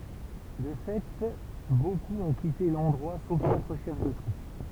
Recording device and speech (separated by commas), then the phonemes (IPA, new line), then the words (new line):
temple vibration pickup, read sentence
də fɛ bokup ɔ̃ kite lɑ̃dʁwa sof katʁ ʃɛf də tʁup
De fait beaucoup ont quitté l'endroit sauf quatre chefs de troupe.